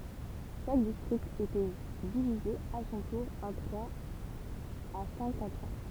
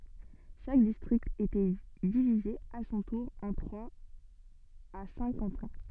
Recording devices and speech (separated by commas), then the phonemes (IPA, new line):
temple vibration pickup, soft in-ear microphone, read sentence
ʃak distʁikt etɛ divize a sɔ̃ tuʁ ɑ̃ tʁwaz a sɛ̃k kɑ̃tɔ̃